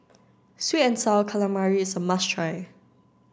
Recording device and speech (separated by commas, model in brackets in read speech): standing microphone (AKG C214), read sentence